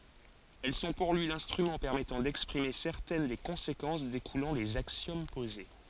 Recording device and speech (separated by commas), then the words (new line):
forehead accelerometer, read sentence
Elles sont pour lui l’instrument permettant d’exprimer certaines des conséquences découlant des axiomes posés.